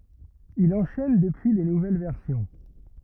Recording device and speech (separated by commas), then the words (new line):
rigid in-ear microphone, read sentence
Il enchaîne depuis les nouvelles versions.